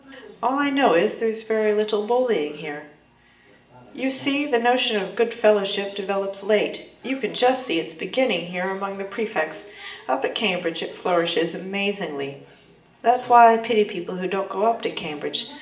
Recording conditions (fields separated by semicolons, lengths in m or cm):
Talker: one person; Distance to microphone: 1.8 m; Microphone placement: close; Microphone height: 1.0 m; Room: large; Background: television